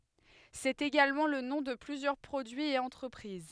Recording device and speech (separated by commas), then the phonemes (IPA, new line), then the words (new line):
headset microphone, read sentence
sɛt eɡalmɑ̃ lə nɔ̃ də plyzjœʁ pʁodyiz e ɑ̃tʁəpʁiz
C'est également le nom de plusieurs produits et entreprises.